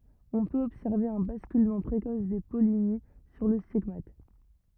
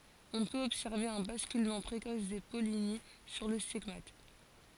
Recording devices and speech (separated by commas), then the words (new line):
rigid in-ear microphone, forehead accelerometer, read sentence
On peut observer un basculement précoce des pollinies sur le stigmate.